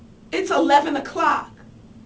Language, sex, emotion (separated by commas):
English, female, fearful